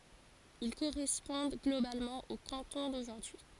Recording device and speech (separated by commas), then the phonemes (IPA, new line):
forehead accelerometer, read sentence
il koʁɛspɔ̃d ɡlobalmɑ̃ o kɑ̃tɔ̃ doʒuʁdyi